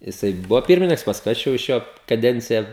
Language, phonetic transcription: Lithuanian, jiˈsai ˈbuvo ˈpirmininks pasˈkui ˈaš jau iš ˈjo kaˈdencija

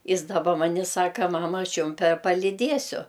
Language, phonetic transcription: Lithuanian, ˈjis daˈba ˈman' i ˈsaka ˈmama ˈaš ˈjum pe paliˈdiesiu

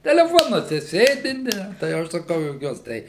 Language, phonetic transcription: Lithuanian, teleˈfonuose ˈsėdi ˈne tai jau ˈaš saˈkau juoˈkiuos tai

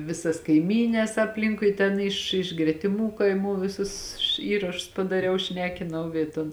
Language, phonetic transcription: Lithuanian, ˈvisas kaiˈmynes apˈlinkui ten ˈiš iš gretiˈmų kaiˈmų ˈvisus ˈįrašus padaˈriau ˈšnekinau ˈy ˈton

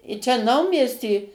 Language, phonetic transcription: Lithuanian, i ˈčia ˈnaumiesty

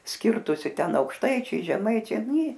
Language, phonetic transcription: Lithuanian, ˈskirtusi ˈten aukšˈtaičiai žeˈmaičiai ˈnė

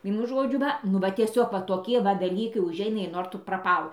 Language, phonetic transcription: Lithuanian, ˈvienu ˈžodžiu ˈva nu ˈva tieˈsiog va toˈkie va daˈlykai uˈžeina ir ˈnor tu praˈpal

